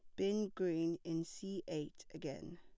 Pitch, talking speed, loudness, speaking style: 175 Hz, 150 wpm, -41 LUFS, plain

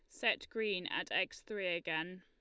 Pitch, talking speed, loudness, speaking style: 185 Hz, 180 wpm, -37 LUFS, Lombard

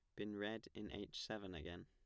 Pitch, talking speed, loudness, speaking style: 105 Hz, 220 wpm, -49 LUFS, plain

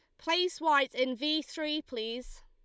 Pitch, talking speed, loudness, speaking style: 300 Hz, 160 wpm, -31 LUFS, Lombard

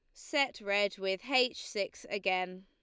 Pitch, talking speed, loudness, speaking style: 200 Hz, 150 wpm, -33 LUFS, Lombard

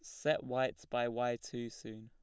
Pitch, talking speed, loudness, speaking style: 120 Hz, 200 wpm, -37 LUFS, plain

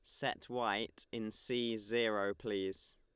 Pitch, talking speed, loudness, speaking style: 110 Hz, 130 wpm, -38 LUFS, Lombard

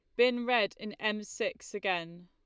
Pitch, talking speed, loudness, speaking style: 210 Hz, 175 wpm, -32 LUFS, Lombard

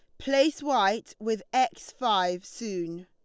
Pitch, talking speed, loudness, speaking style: 220 Hz, 125 wpm, -28 LUFS, Lombard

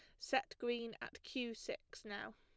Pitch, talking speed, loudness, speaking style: 245 Hz, 165 wpm, -44 LUFS, plain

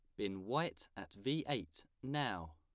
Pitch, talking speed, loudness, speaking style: 100 Hz, 155 wpm, -41 LUFS, plain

